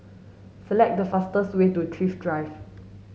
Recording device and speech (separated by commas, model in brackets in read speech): mobile phone (Samsung S8), read sentence